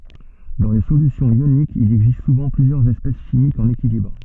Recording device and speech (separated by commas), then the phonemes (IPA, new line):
soft in-ear microphone, read sentence
dɑ̃ le solysjɔ̃z jonikz il ɛɡzist suvɑ̃ plyzjœʁz ɛspɛs ʃimikz ɑ̃n ekilibʁ